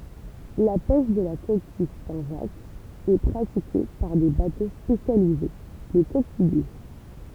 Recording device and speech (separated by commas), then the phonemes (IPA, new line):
temple vibration pickup, read sentence
la pɛʃ də la kokij sɛ̃tʒakz ɛ pʁatike paʁ de bato spesjalize le kokijje